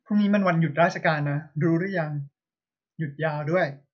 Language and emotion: Thai, neutral